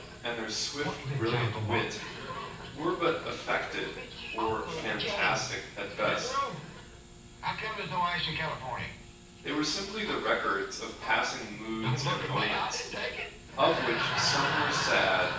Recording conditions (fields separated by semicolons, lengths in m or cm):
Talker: one person; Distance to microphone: 9.8 m; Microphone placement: far; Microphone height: 1.8 m; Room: large; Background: television